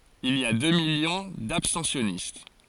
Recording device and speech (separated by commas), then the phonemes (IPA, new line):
forehead accelerometer, read sentence
il i a dø miljɔ̃ dabstɑ̃sjɔnist